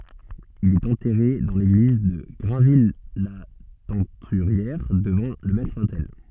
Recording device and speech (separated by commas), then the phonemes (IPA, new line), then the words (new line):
soft in-ear microphone, read sentence
il ɛt ɑ̃tɛʁe dɑ̃ leɡliz də ɡʁɛ̃vijlatɛ̃tyʁjɛʁ dəvɑ̃ lə mɛtʁotɛl
Il est enterré dans l'église de Grainville-la-Teinturière, devant le maître-autel.